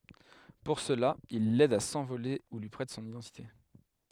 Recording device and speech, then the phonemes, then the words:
headset microphone, read sentence
puʁ səla il lɛd a sɑ̃vole u lyi pʁɛt sɔ̃n idɑ̃tite
Pour cela, il l'aide à s'envoler ou lui prête son identité.

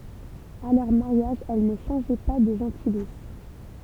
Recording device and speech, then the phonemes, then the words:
temple vibration pickup, read sentence
a lœʁ maʁjaʒ ɛl nə ʃɑ̃ʒɛ pa də ʒɑ̃tilis
À leur mariage, elles ne changeaient pas de gentilice.

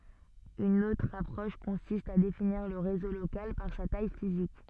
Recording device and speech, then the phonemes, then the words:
soft in-ear microphone, read sentence
yn otʁ apʁɔʃ kɔ̃sist a definiʁ lə ʁezo lokal paʁ sa taj fizik
Une autre approche consiste à définir le réseau local par sa taille physique.

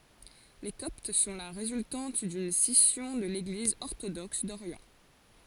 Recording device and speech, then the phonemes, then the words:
forehead accelerometer, read sentence
le kɔpt sɔ̃ la ʁezyltɑ̃t dyn sisjɔ̃ də leɡliz ɔʁtodɔks doʁjɑ̃
Les Coptes sont la résultante d'une scission de l'Église orthodoxe d'Orient.

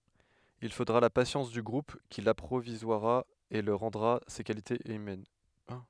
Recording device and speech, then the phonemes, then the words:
headset microphone, read sentence
il fodʁa la pasjɑ̃s dy ɡʁup ki lapʁivwazʁa e lyi ʁɑ̃dʁa se kalitez ymɛn
Il faudra la patience du groupe qui l'apprivoisera et lui rendra ses qualités humaines.

